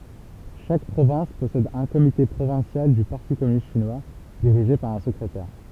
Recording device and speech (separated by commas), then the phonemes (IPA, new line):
temple vibration pickup, read sentence
ʃak pʁovɛ̃s pɔsɛd œ̃ komite pʁovɛ̃sjal dy paʁti kɔmynist ʃinwa diʁiʒe paʁ œ̃ səkʁetɛʁ